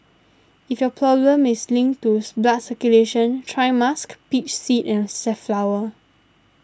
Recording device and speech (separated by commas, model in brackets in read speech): standing microphone (AKG C214), read sentence